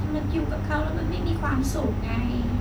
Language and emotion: Thai, sad